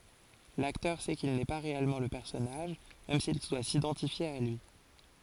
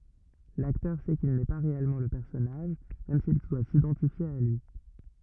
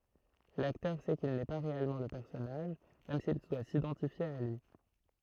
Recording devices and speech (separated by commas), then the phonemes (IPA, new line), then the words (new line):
forehead accelerometer, rigid in-ear microphone, throat microphone, read sentence
laktœʁ sɛ kil nɛ pa ʁeɛlmɑ̃ lə pɛʁsɔnaʒ mɛm sil dwa sidɑ̃tifje a lyi
L'acteur sait qu'il n'est pas réellement le personnage, même s'il doit s'identifier à lui.